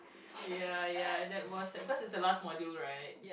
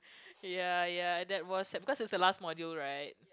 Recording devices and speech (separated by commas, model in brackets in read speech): boundary microphone, close-talking microphone, conversation in the same room